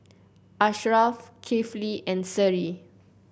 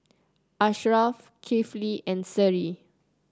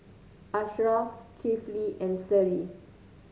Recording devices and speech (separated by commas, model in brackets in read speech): boundary microphone (BM630), close-talking microphone (WH30), mobile phone (Samsung C9), read sentence